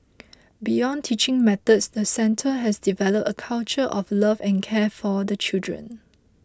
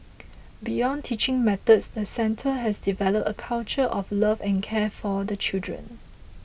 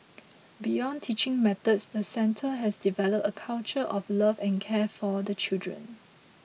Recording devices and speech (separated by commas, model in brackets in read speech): close-talking microphone (WH20), boundary microphone (BM630), mobile phone (iPhone 6), read sentence